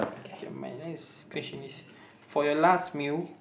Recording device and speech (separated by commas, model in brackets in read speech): boundary microphone, conversation in the same room